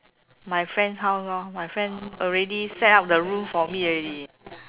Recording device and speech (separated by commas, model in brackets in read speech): telephone, conversation in separate rooms